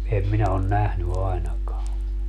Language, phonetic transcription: Finnish, 'em minä on "nähny 'ai̮nakaa .
- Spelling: en minä ole nähnyt ainakaan

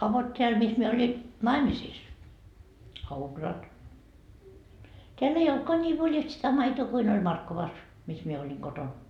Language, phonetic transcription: Finnish, a vot 'teäl mis mie oli , "naimisiis , - , teäll ‿ei "oltkaa 'nii 'voljalt sitä 'maitoo kuin oĺ "Markkovas , mis mie 'oĺiŋ 'koton .
- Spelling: a vot täällä missä minä olin naimisissa täällä ei ollutkaan niin voljalti sitä maitoa kuin oli Markkovassa missä minä olin kotona

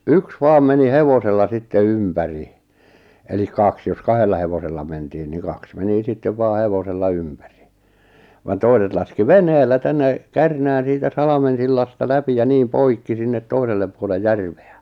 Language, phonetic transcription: Finnish, 'yks 'vaam 'meni "hevosella sitte "ympäri , elik "kaks jos 'kahella hevosella mentiin niŋ 'kaks 'meni 'sittev vaa 'hevosella 'ympäri , van 'toiset laski "venheellä 'tänne , 'Kärnään̬ siitä "Salamen̬sillasta 'läpi ja 'niim 'poikki sinnet 'toisellep puole "järᴠᴇ₍ᴀ̈ .
- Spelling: yksi vain meni hevosella sitten ympäri eli kaksi jos kahdella hevosella mentiin niin kaksi meni sitten vain hevosella ympäri vaan toiset laski veneellä tänne Kärnään siitä Salmensillasta läpi ja niin poikki sinne toiselle puolen järveä

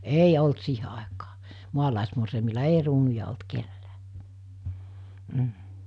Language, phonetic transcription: Finnish, 'ei olt 'siihe àekaa , 'mualàesmorseimilla 'ei ruunuja olt 'kellää , m̥ .
- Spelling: ei ollut siihen aikaan maalaismorsiamilla ei kruunuja ollut kenelläkään mm

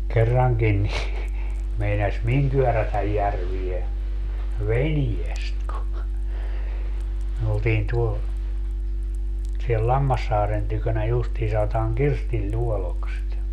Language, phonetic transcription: Finnish, 'kerraŋkin ni , 'meinas "miŋ kyörätäj 'järvie , "veniest ku , myö 'oltiin tuo , siel "Lammassaaren tykönä 'justii sa₍otaaŋ "Kirstiĺluolok sitä .
- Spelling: kerrankin niin meinasi minun kyörätä järveen veneestä kun me oltiin tuolla siellä Lammassaaren tykönä justiin sanotaan Kirstinluodoksi sitä

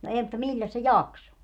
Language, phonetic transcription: Finnish, no ee mutta "miĺĺäs se "jakso ?
- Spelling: no ei mutta milläs se jaksoi

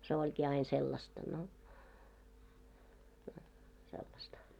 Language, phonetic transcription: Finnish, se 'oĺkii ain sellasta no , no , sellasta .
- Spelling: se olikin aina sellaista no no sellaista

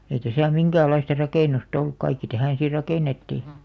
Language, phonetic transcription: Finnish, ei täsä̀ 'miŋkääl̆'laista "rakènus't ‿olluk kaikki 'tähä̀n̬ si 'rakènettì .
- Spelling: ei tässä minkäänlaista rakennusta ollut kaikki tähän sitten rakennettiin

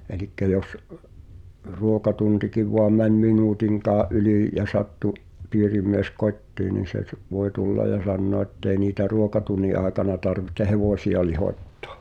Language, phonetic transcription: Finnish, 'elikkä 'jos , "ruokatuntikiv voam 'mäń "min̳uutiŋkaa’ '’ylì , ja 'sattu , "piirimies "kot́tii nin̬ se s- , voe "tulla ja 'sannoa ᵉttei niitä 'ruokatunni ’àekana tarvihte "hevòsi₍a lihòt́tᴏ̀ᴬ .
- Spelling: eli jos ruokatuntikin vain meni minuutinkaan yli ja sattui piirimies kotiin niin se - voi tulla ja sanoa että ei niitä ruokatunnin aikana tarvitse hevosia lihottaa

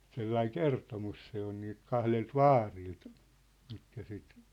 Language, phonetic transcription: Finnish, 'sellaiŋ "kertomus se ‿on niilt 'kahlelt "vaarilt , mitkä sit ,.
- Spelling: sellainen kertomus se on niiltä kahdelta vaarilta mitkä sitten

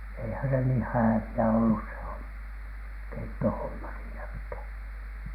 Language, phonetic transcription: Finnish, eihä se nii "hävi₍ä ollus se 'homma , "keittohomma siinä(khä̀N) .
- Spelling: eihän se niin hääviä ollut se homma keittohomma siinäkään

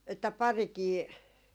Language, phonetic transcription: Finnish, että "parikii ,.
- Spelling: että parikin

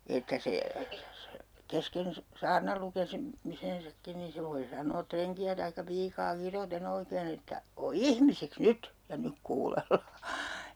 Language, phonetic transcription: Finnish, että 'se , 'kesken se- , 'saarnal lukesi- , '-misensakkin ni 'se voi 'san̆noo 'treŋki₍ä taikka 'piikaa 'kirote'n ‿oikeen ‿että , » 'o "ihmisiks "nyt , ja 'nyk 'kuulellaa » .
- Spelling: että se kesken - saarnan - lukemisensakin niin se voi sanoa renkiä tai piikaa kiroten oikein että ole ihmisiksi nyt ja nyt kuunnellaan

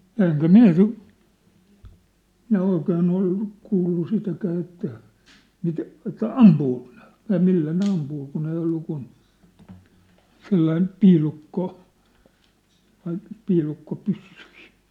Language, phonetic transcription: Finnish, 'ja 'eŋkä "miⁿ̬ä "sit , 'minä 'oikeen ‿ol , 'kuullu 'sitäkää että , mit- , että "ampuuko nᴇ , ja 'millä ne 'ampuu kun ‿ei ollu kun , 'sellaim̳ , "piilukko- , n̆ŏĭt , 'piilukko'pyssyi .
- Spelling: ja enkä minä sitä minä oikein ole kuullut sitäkään että - että ampuuko ne ja millä ne ampuu kun ei ollut kuin sellainen - noita piilukkopyssyjä

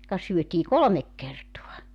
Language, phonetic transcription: Finnish, ka syötii "kolomek 'kertoa .
- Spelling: ka syötiin kolme kertaa

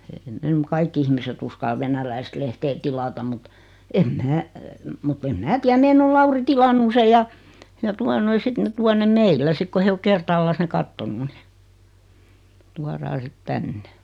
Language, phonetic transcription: Finnish, ei ne m- 'kaikki ihmiset 'uskal "venäläist lehtee 'tilatam mut , 'em "mää , mut't ‿em "mää tiä 'meen ‿ol 'Lauri "tilannu se ja , ja tua noi 'sit ne 'tua nem 'meillä 'sik ko 'he o 'kertaallas ne 'kattonu ni , 'tuaraa sit 'tänne .
- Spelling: ei ne - kaikki ihmiset uskalla venäläistä lehteä tilata mutta en minä mutta en minä tiedä meidän on Lauri tilannut sen ja ja tuota noin sitten ne tuo ne meillä sitten kun he on kertaalleen ne katsonut niin tuodaan sitten tänne

